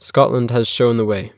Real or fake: real